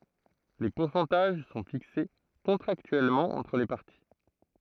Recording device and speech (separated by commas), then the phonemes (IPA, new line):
throat microphone, read sentence
le puʁsɑ̃taʒ sɔ̃ fikse kɔ̃tʁaktyɛlmɑ̃ ɑ̃tʁ le paʁti